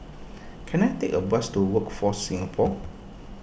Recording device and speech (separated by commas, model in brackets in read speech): boundary microphone (BM630), read sentence